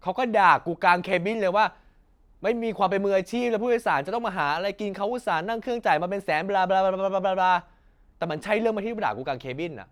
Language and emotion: Thai, angry